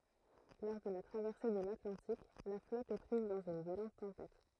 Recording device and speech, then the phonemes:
throat microphone, read sentence
lɔʁ də la tʁavɛʁse də latlɑ̃tik la flɔt ɛ pʁiz dɑ̃z yn vjolɑ̃t tɑ̃pɛt

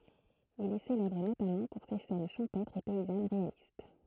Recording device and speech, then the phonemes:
throat microphone, read sentence
il ɛ selɛbʁ notamɑ̃ puʁ se sɛn ʃɑ̃pɛtʁz e pɛizan ʁealist

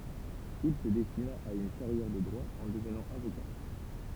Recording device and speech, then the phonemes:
temple vibration pickup, read sentence
il sə dɛstina a yn kaʁjɛʁ də dʁwa ɑ̃ dəvnɑ̃ avoka

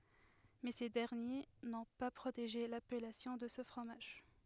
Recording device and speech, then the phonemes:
headset microphone, read sentence
mɛ se dɛʁnje nɔ̃ pa pʁoteʒe lapɛlasjɔ̃ də sə fʁomaʒ

